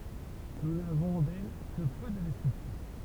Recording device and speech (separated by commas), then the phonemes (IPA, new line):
temple vibration pickup, read sentence
nu navɔ̃ dɛl kə pø də dɛskʁipsjɔ̃